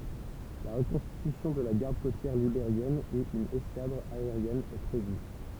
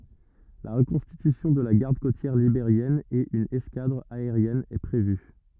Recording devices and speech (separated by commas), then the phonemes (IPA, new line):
temple vibration pickup, rigid in-ear microphone, read sentence
la ʁəkɔ̃stitysjɔ̃ də la ɡaʁd kotjɛʁ libeʁjɛn e yn ɛskadʁ aeʁjɛn ɛ pʁevy